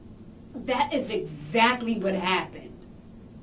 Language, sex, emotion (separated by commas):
English, female, disgusted